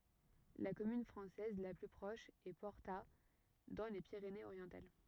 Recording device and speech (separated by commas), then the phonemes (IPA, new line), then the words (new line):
rigid in-ear microphone, read sentence
la kɔmyn fʁɑ̃sɛz la ply pʁɔʃ ɛ pɔʁta dɑ̃ le piʁeneəzoʁjɑ̃tal
La commune française la plus proche est Porta dans les Pyrénées-Orientales.